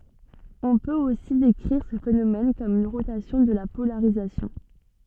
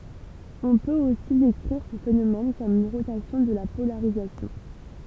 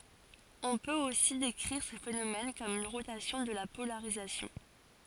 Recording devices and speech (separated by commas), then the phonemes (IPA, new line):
soft in-ear microphone, temple vibration pickup, forehead accelerometer, read sentence
ɔ̃ pøt osi dekʁiʁ sə fenomɛn kɔm yn ʁotasjɔ̃ də la polaʁizasjɔ̃